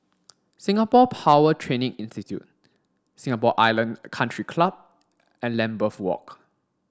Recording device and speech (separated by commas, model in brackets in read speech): standing microphone (AKG C214), read sentence